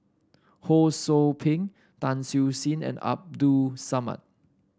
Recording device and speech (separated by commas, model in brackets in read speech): standing microphone (AKG C214), read sentence